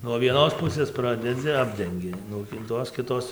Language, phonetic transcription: Lithuanian, nuo vieˈnos ˈpusės ˈpradedzi ˈapdengi nuo ˈtos kiˈtos

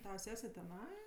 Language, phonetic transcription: Lithuanian, ˈtava ˈsese teˈnai

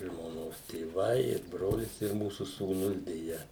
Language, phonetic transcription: Lithuanian, žmoˈnos tėˈvai ir ˈbrolis ir ˈmūsu sūˈnus deˈja

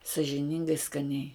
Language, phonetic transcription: Lithuanian, sažiˈningai skaˈniai

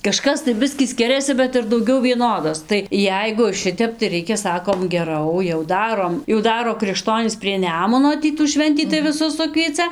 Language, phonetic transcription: Lithuanian, kaˈžkas tai ˈbiskį ˈskiriasi bet ir dauˈgiau vieˈnodos tai ˈjeigu ˈšitep tai ˈreikia ˈsakom geˈrau jau ˈdarom jau ˈdaro krikˈštonys prie ˈnemuno ˈtį tų ˈšventį tai viˈsus ˈsukvieca

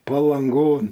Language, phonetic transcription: Lithuanian, palanˈgon

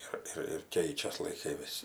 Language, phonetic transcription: Lithuanian, ˈir ir ir ˈkeičias laiˈkai ˈvis

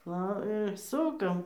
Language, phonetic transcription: Lithuanian, ˈva ir ˈsukam

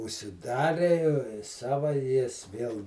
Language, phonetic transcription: Lithuanian, užsiˈdarė ˈsava ˈjis ˈviel

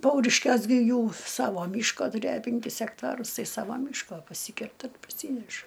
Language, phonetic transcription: Lithuanian, ˈpauriškiuos gi ˈjų ˈsavo ˈmyško tuˈrėjo penˈkis ekˈtarus ˈtai ˈsava ˈmyško paˈsykerta paˈsyneša

